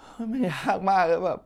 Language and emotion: Thai, sad